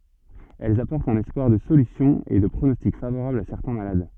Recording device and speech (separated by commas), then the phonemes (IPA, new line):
soft in-ear microphone, read sentence
ɛlz apɔʁtt œ̃n ɛspwaʁ də solysjɔ̃ e də pʁonɔstik favoʁabl a sɛʁtɛ̃ malad